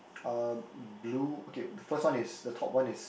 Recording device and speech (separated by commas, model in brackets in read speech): boundary microphone, conversation in the same room